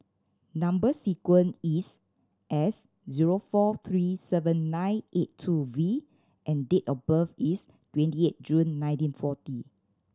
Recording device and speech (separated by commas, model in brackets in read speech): standing microphone (AKG C214), read sentence